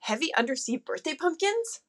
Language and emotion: English, surprised